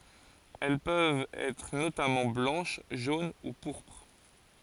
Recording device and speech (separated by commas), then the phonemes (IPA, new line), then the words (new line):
forehead accelerometer, read sentence
ɛl pøvt ɛtʁ notamɑ̃ blɑ̃ʃ ʒon u puʁpʁ
Elles peuvent être notamment blanches, jaunes ou pourpres.